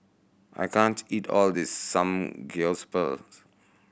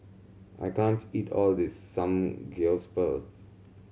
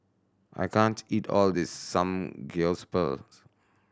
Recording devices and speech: boundary microphone (BM630), mobile phone (Samsung C7100), standing microphone (AKG C214), read sentence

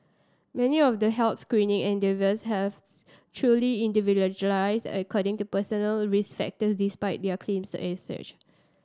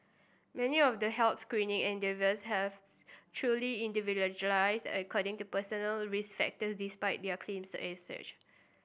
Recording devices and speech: standing microphone (AKG C214), boundary microphone (BM630), read sentence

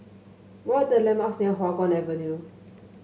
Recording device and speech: mobile phone (Samsung S8), read sentence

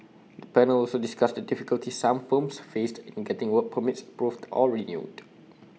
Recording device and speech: mobile phone (iPhone 6), read sentence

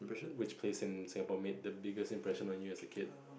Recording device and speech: boundary microphone, conversation in the same room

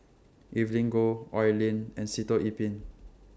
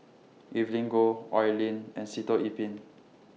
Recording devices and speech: standing microphone (AKG C214), mobile phone (iPhone 6), read sentence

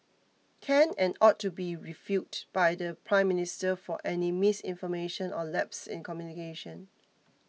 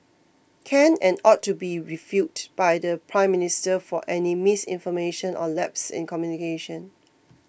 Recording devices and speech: mobile phone (iPhone 6), boundary microphone (BM630), read sentence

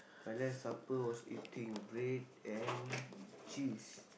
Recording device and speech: boundary microphone, conversation in the same room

